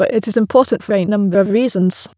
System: TTS, waveform concatenation